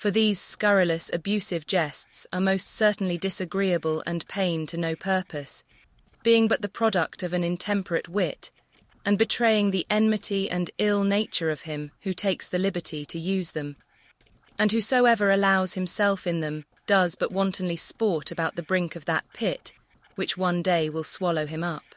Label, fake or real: fake